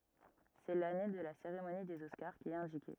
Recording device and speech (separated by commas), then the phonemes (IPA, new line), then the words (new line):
rigid in-ear microphone, read sentence
sɛ lane də la seʁemoni dez ɔskaʁ ki ɛt ɛ̃dike
C'est l'année de la cérémonie des Oscars qui est indiquée.